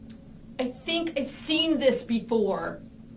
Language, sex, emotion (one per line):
English
female
angry